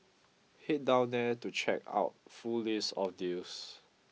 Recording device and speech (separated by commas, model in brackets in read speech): mobile phone (iPhone 6), read sentence